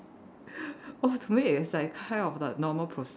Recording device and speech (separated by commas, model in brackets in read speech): standing microphone, conversation in separate rooms